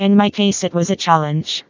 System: TTS, vocoder